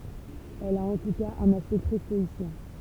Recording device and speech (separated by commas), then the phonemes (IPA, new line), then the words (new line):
temple vibration pickup, read sentence
ɛl a ɑ̃ tu kaz œ̃n aspɛkt tʁɛ stɔisjɛ̃
Elle a en tout cas un aspect très stoïcien.